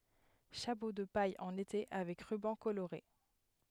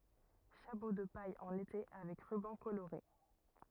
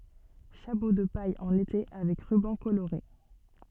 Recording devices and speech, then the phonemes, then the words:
headset microphone, rigid in-ear microphone, soft in-ear microphone, read sentence
ʃapo də paj ɑ̃n ete avɛk ʁybɑ̃ koloʁe
Chapeau de paille en été avec ruban coloré.

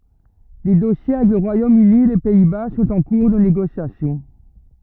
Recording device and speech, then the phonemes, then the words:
rigid in-ear microphone, read sentence
de dɔsje avɛk lə ʁwajom yni e le pɛi ba sɔ̃t ɑ̃ kuʁ də neɡosjasjɔ̃
Des dossiers avec le Royaume-Uni et les Pays-Bas sont en cours de négociation.

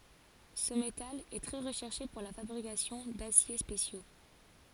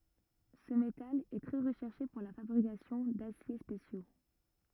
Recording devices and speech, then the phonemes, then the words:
forehead accelerometer, rigid in-ear microphone, read sentence
sə metal ɛ tʁɛ ʁəʃɛʁʃe puʁ la fabʁikasjɔ̃ dasje spesjo
Ce métal est très recherché pour la fabrication d'aciers spéciaux.

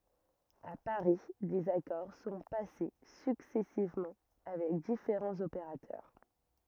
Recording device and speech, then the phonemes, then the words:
rigid in-ear microphone, read sentence
a paʁi dez akɔʁ sɔ̃ pase syksɛsivmɑ̃ avɛk difeʁɑ̃z opeʁatœʁ
À Paris, des accords sont passés successivement avec différents opérateurs.

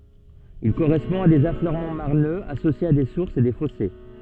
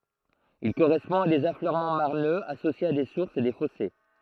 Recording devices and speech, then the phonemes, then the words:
soft in-ear microphone, throat microphone, read sentence
il koʁɛspɔ̃ a dez afløʁmɑ̃ maʁnøz asosjez a de suʁsz e de fɔse
Il correspond à des affleurements marneux associés à des sources et des fossés.

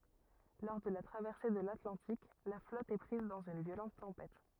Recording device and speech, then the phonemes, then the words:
rigid in-ear microphone, read sentence
lɔʁ də la tʁavɛʁse də latlɑ̃tik la flɔt ɛ pʁiz dɑ̃z yn vjolɑ̃t tɑ̃pɛt
Lors de la traversée de l'Atlantique, la flotte est prise dans une violente tempête.

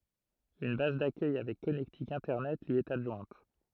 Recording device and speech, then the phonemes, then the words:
throat microphone, read sentence
yn baz dakœj avɛk kɔnɛktik ɛ̃tɛʁnɛt lyi ɛt adʒwɛ̃t
Une base d'accueil avec connectique Internet lui est adjointe.

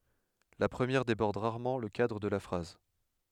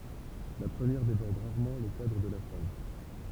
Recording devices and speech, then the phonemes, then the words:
headset microphone, temple vibration pickup, read sentence
la pʁəmjɛʁ debɔʁd ʁaʁmɑ̃ lə kadʁ də la fʁaz
La première déborde rarement le cadre de la phrase.

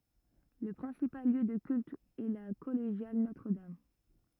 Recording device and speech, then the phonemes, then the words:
rigid in-ear microphone, read sentence
lə pʁɛ̃sipal ljø də kylt ɛ la kɔleʒjal notʁədam
Le principal lieu de culte est la collégiale Notre-Dame.

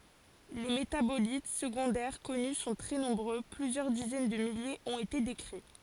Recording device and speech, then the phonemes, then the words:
forehead accelerometer, read sentence
le metabolit səɡɔ̃dɛʁ kɔny sɔ̃ tʁɛ nɔ̃bʁø plyzjœʁ dizɛn də miljez ɔ̃t ete dekʁi
Les métabolites secondaires connus sont très nombreux, plusieurs dizaines de milliers ont été décrits.

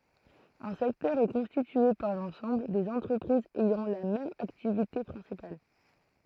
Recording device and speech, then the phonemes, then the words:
throat microphone, read sentence
œ̃ sɛktœʁ ɛ kɔ̃stitye paʁ lɑ̃sɑ̃bl dez ɑ̃tʁəpʁizz ɛjɑ̃ la mɛm aktivite pʁɛ̃sipal
Un secteur est constitué par l'ensemble des entreprises ayant la même activité principale.

